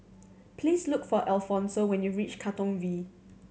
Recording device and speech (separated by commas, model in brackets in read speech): mobile phone (Samsung C7100), read sentence